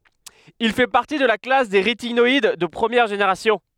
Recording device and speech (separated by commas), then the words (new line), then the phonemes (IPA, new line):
headset microphone, read sentence
Il fait partie de la classe des rétinoïdes de première génération.
il fɛ paʁti də la klas de ʁetinɔid də pʁəmjɛʁ ʒeneʁasjɔ̃